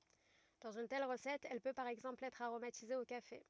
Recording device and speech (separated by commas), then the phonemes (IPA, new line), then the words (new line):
rigid in-ear microphone, read sentence
dɑ̃z yn tɛl ʁəsɛt ɛl pø paʁ ɛɡzɑ̃pl ɛtʁ aʁomatize o kafe
Dans une telle recette, elle peut par exemple être aromatisée au café.